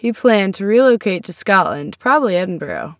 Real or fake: real